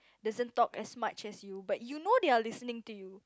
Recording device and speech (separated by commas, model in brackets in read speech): close-talking microphone, conversation in the same room